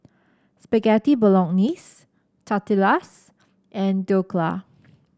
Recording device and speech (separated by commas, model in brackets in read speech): standing microphone (AKG C214), read sentence